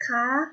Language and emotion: Thai, neutral